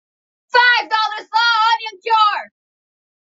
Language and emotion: English, neutral